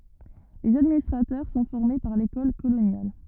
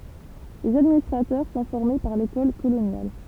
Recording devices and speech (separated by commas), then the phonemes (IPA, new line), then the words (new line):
rigid in-ear microphone, temple vibration pickup, read sentence
lez administʁatœʁ sɔ̃ fɔʁme paʁ lekɔl kolonjal
Les administrateurs sont formés par l'École coloniale.